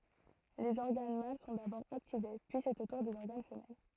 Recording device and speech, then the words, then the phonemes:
throat microphone, read sentence
Les organes mâles sont d'abord activés, puis c'est au tour des organes femelles.
lez ɔʁɡan mal sɔ̃ dabɔʁ aktive pyi sɛt o tuʁ dez ɔʁɡan fəmɛl

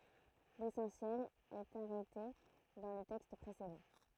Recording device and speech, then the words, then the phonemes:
throat microphone, read sentence
L'essentiel est arrêté dans le texte précédent.
lesɑ̃sjɛl ɛt aʁɛte dɑ̃ lə tɛkst pʁesedɑ̃

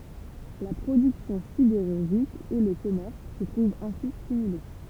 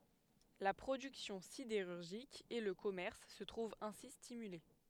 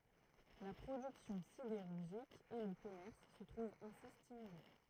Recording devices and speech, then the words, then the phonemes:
temple vibration pickup, headset microphone, throat microphone, read sentence
La production sidérurgique et le commerce se trouvent ainsi stimulés.
la pʁodyksjɔ̃ sideʁyʁʒik e lə kɔmɛʁs sə tʁuvt ɛ̃si stimyle

